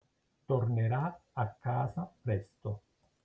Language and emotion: Italian, neutral